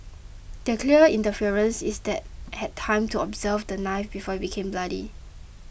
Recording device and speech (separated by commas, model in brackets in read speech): boundary microphone (BM630), read sentence